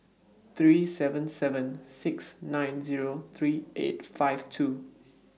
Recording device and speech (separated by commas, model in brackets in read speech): mobile phone (iPhone 6), read sentence